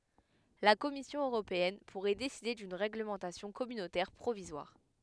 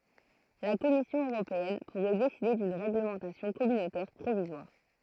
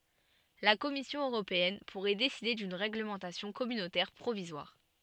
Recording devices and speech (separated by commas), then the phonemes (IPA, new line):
headset microphone, throat microphone, soft in-ear microphone, read sentence
la kɔmisjɔ̃ øʁopeɛn puʁɛ deside dyn ʁeɡləmɑ̃tasjɔ̃ kɔmynotɛʁ pʁovizwaʁ